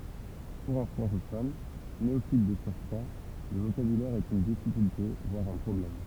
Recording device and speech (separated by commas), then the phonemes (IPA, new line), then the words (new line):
temple vibration pickup, read sentence
puʁ œ̃ fʁɑ̃kofɔn neofit də syʁkʁwa lə vokabylɛʁ ɛt yn difikylte vwaʁ œ̃ pʁɔblɛm
Pour un francophone, néophyte de surcroit, le vocabulaire est une difficulté voire un problème.